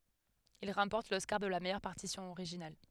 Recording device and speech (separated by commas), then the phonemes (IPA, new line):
headset microphone, read sentence
il ʁɑ̃pɔʁt lɔskaʁ də la mɛjœʁ paʁtisjɔ̃ oʁiʒinal